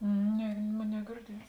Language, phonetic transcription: Lithuanian, ˈne ˈmon negirˈdiets

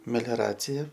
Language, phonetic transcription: Lithuanian, melioˈracija

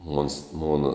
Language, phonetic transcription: Lithuanian, mons ˈmona

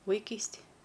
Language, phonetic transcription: Lithuanian, vaiˈkystij

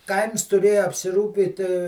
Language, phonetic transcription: Lithuanian, ˈkaims tuˈrėju apsiˈrūpyt

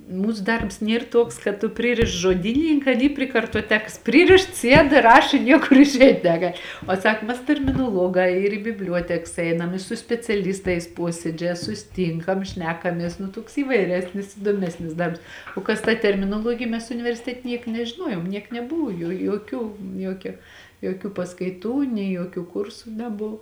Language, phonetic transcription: Lithuanian, ˈmūsu ˈdarbs ˈnier tuoks kad tu ˈpririšts žoˈdynininkā aˈny pri kartoˈtekas ˈpryrišts ˈsied ˈraš i ˈniekur išˈeit' neˈgal' o ˈsak mes terminoˈluogā ir į bibˈliuoteks ˈeinam i su speciaˈlistais ˈpuosėdžē susiˈtynkam ˈšnekamies nu tuoks įvaiˈresnis įdoˈmesnis ˈdarbs o ˈkas ta terminoˈluogija mes universiˈtet' ˈnieka nežiˈnuojom ˈniek neˈbuvu jo joˈkių ˈjuokia joˈkių paskaiˈtų nei joˈkių ˈkursu neˈbuv

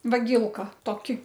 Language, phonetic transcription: Lithuanian, vaˈgylka toˈki

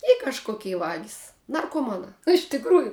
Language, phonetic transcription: Lithuanian, i kažˈkokei ˈvagis narkoˈmanā iš tikˈrųju

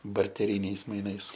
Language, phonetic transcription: Lithuanian, barteˈryniais maiˈnais

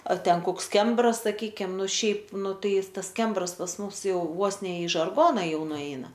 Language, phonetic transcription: Lithuanian, ˈar ˈten ˈkoks ˈkembras saˈkykim ˈnu ˈšiaip ˈnu ˈtai ˈis ˈtas ˈkembras pas ˈmums ˈjau ˈvos ne i žarˈgona ˈjau nuˈeina

